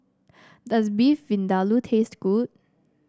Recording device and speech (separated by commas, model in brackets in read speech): standing microphone (AKG C214), read sentence